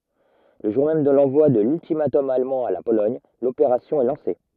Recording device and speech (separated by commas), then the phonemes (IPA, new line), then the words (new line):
rigid in-ear microphone, read sentence
lə ʒuʁ mɛm də lɑ̃vwa də lyltimatɔm almɑ̃ a la polɔɲ lopeʁasjɔ̃ ɛ lɑ̃se
Le jour même de l'envoi de l'ultimatum allemand à la Pologne, l'opération est lancée.